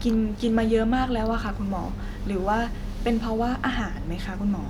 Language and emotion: Thai, neutral